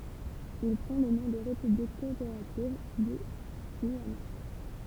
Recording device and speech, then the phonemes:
temple vibration pickup, read sentence
il pʁɑ̃ lə nɔ̃ də ʁepyblik kɔopeʁativ dy ɡyijana

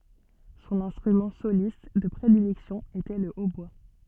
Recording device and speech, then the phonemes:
soft in-ear microphone, read sentence
sɔ̃n ɛ̃stʁymɑ̃ solist də pʁedilɛksjɔ̃ etɛ lə otbwa

